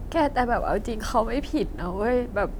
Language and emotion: Thai, sad